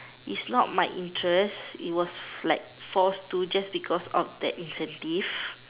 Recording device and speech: telephone, conversation in separate rooms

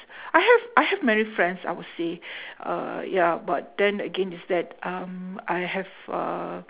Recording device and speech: telephone, conversation in separate rooms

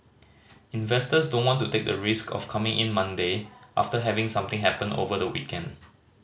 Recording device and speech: mobile phone (Samsung C5010), read sentence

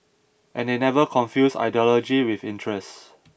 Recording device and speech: boundary microphone (BM630), read sentence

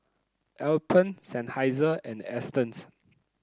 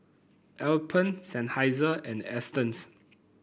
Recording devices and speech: close-talking microphone (WH30), boundary microphone (BM630), read sentence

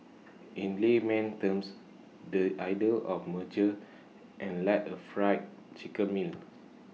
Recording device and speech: mobile phone (iPhone 6), read sentence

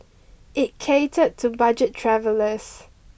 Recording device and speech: boundary microphone (BM630), read sentence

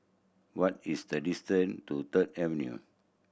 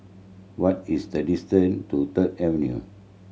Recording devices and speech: boundary microphone (BM630), mobile phone (Samsung C7100), read sentence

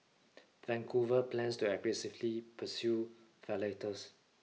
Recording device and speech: mobile phone (iPhone 6), read sentence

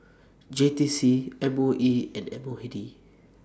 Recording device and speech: standing microphone (AKG C214), read sentence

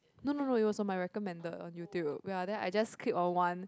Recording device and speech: close-talking microphone, conversation in the same room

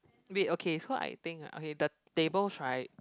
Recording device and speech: close-talking microphone, conversation in the same room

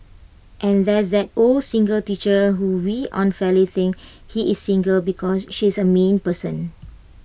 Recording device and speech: boundary microphone (BM630), read sentence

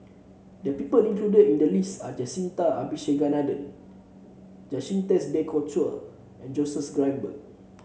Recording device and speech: mobile phone (Samsung C7), read sentence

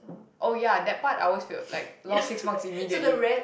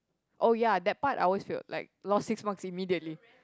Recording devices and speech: boundary microphone, close-talking microphone, conversation in the same room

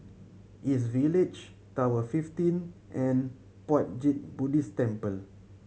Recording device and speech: mobile phone (Samsung C7100), read sentence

